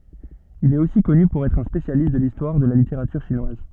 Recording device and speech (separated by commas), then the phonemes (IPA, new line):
soft in-ear microphone, read sentence
il ɛt osi kɔny puʁ ɛtʁ œ̃ spesjalist də listwaʁ də la liteʁatyʁ ʃinwaz